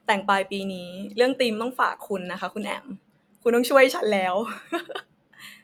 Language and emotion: Thai, happy